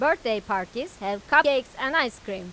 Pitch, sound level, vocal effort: 240 Hz, 97 dB SPL, loud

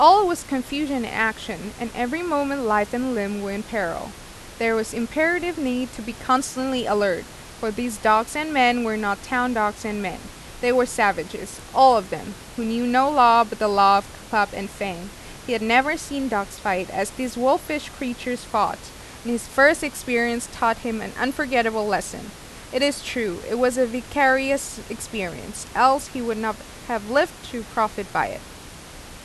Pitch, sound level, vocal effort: 235 Hz, 88 dB SPL, loud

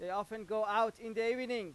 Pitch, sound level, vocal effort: 220 Hz, 99 dB SPL, very loud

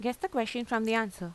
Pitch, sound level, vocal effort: 230 Hz, 86 dB SPL, normal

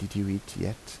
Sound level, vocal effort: 77 dB SPL, soft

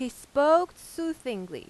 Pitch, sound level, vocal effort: 315 Hz, 92 dB SPL, very loud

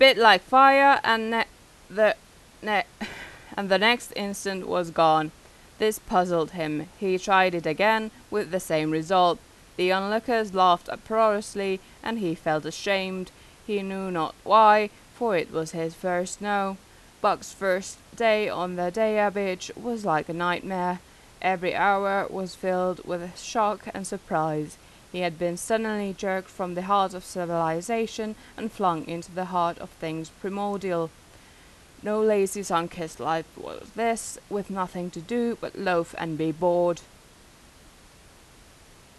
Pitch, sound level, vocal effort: 190 Hz, 89 dB SPL, loud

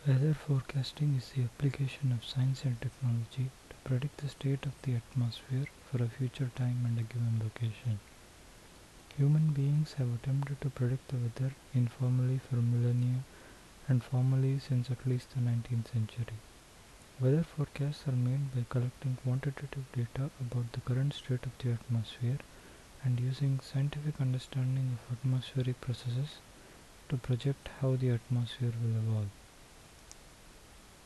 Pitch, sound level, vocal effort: 130 Hz, 70 dB SPL, soft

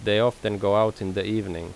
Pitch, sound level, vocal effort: 105 Hz, 85 dB SPL, normal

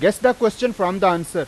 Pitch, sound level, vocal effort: 195 Hz, 97 dB SPL, very loud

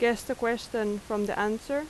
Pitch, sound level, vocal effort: 230 Hz, 85 dB SPL, loud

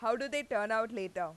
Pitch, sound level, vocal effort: 220 Hz, 95 dB SPL, very loud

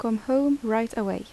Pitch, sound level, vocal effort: 230 Hz, 80 dB SPL, soft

